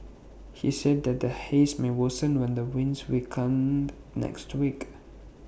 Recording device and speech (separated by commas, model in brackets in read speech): boundary microphone (BM630), read sentence